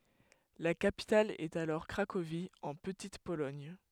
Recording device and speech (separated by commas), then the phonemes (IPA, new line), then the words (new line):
headset microphone, read sentence
la kapital ɛt alɔʁ kʁakovi ɑ̃ pətit polɔɲ
La capitale est alors Cracovie, en Petite-Pologne.